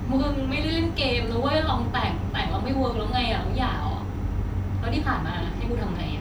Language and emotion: Thai, frustrated